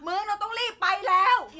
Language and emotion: Thai, angry